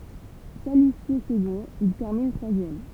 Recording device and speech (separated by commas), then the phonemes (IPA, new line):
temple vibration pickup, read sentence
kalifje səɡɔ̃t il tɛʁmin tʁwazjɛm